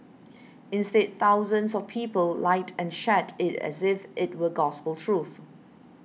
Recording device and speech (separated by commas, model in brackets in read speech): mobile phone (iPhone 6), read sentence